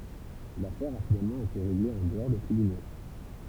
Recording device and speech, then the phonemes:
temple vibration pickup, read sentence
lafɛʁ a finalmɑ̃ ete ʁeɡle ɑ̃ dəɔʁ de tʁibyno

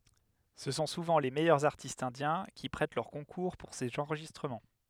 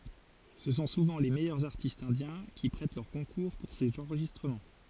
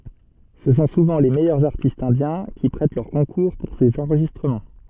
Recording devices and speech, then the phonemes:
headset microphone, forehead accelerometer, soft in-ear microphone, read sentence
sə sɔ̃ suvɑ̃ le mɛjœʁz aʁtistz ɛ̃djɛ̃ ki pʁɛt lœʁ kɔ̃kuʁ puʁ sez ɑ̃ʁʒistʁəmɑ̃

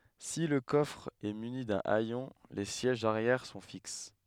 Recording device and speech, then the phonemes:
headset microphone, read sentence
si lə kɔfʁ ɛ myni dœ̃ ɛjɔ̃ le sjɛʒz aʁjɛʁ sɔ̃ fiks

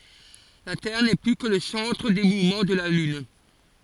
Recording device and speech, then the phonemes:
forehead accelerometer, read sentence
la tɛʁ nɛ ply kə lə sɑ̃tʁ de muvmɑ̃ də la lyn

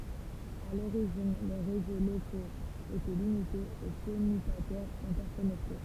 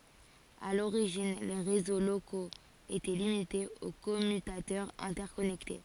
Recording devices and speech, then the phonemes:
temple vibration pickup, forehead accelerometer, read sentence
a loʁiʒin le ʁezo lokoz etɛ limitez o kɔmytatœʁz ɛ̃tɛʁkɔnɛkte

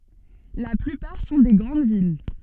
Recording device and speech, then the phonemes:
soft in-ear microphone, read sentence
la plypaʁ sɔ̃ de ɡʁɑ̃d vil

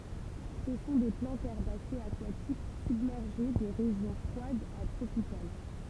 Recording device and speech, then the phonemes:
temple vibration pickup, read sentence
sə sɔ̃ de plɑ̃tz ɛʁbasez akwatik sybmɛʁʒe de ʁeʒjɔ̃ fʁwadz a tʁopikal

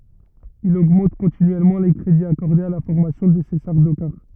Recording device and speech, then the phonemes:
rigid in-ear microphone, read sentence
il oɡmɑ̃t kɔ̃tinyɛlmɑ̃ le kʁediz akɔʁdez a la fɔʁmasjɔ̃ də se saʁdokaʁ

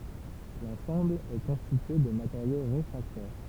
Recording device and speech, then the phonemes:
temple vibration pickup, read sentence
lɑ̃sɑ̃bl ɛ kɔ̃stitye də mateʁjo ʁefʁaktɛʁ

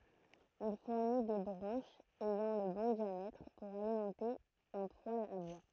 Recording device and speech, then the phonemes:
throat microphone, read sentence
il fuʁni de bʁɑ̃ʃz ɛjɑ̃ lə bɔ̃ djamɛtʁ puʁ alimɑ̃te œ̃ pwal a bwa

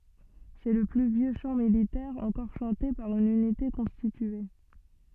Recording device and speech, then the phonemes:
soft in-ear microphone, read sentence
sɛ lə ply vjø ʃɑ̃ militɛʁ ɑ̃kɔʁ ʃɑ̃te paʁ yn ynite kɔ̃stitye

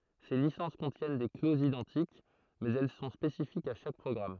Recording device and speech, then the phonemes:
throat microphone, read sentence
se lisɑ̃s kɔ̃tjɛn de klozz idɑ̃tik mɛz ɛl sɔ̃ spesifikz a ʃak pʁɔɡʁam

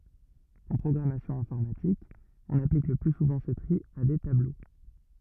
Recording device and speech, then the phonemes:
rigid in-ear microphone, read sentence
ɑ̃ pʁɔɡʁamasjɔ̃ ɛ̃fɔʁmatik ɔ̃n aplik lə ply suvɑ̃ sə tʁi a de tablo

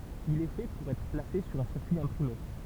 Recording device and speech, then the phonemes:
temple vibration pickup, read sentence
il ɛ fɛ puʁ ɛtʁ plase syʁ œ̃ siʁkyi ɛ̃pʁime

